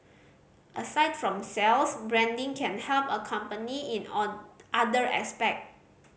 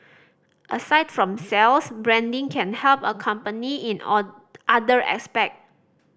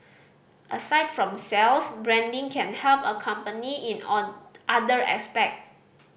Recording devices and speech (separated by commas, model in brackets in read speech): mobile phone (Samsung C5010), standing microphone (AKG C214), boundary microphone (BM630), read sentence